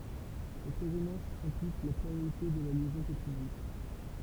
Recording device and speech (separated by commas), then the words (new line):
temple vibration pickup, read sentence
Cette résonance implique la planéité de la liaison peptidique.